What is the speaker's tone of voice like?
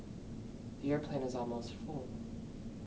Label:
fearful